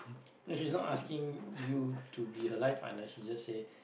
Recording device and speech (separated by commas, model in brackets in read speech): boundary microphone, conversation in the same room